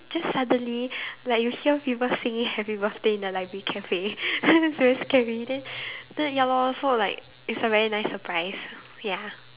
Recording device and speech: telephone, conversation in separate rooms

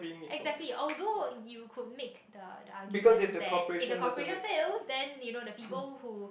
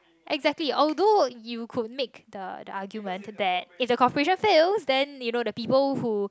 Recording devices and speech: boundary microphone, close-talking microphone, conversation in the same room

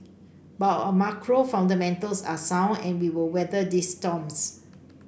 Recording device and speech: boundary microphone (BM630), read sentence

